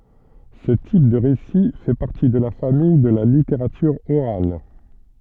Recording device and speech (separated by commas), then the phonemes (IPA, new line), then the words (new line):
soft in-ear microphone, read sentence
sə tip də ʁesi fɛ paʁti də la famij də la liteʁatyʁ oʁal
Ce type de récit fait partie de la famille de la littérature orale.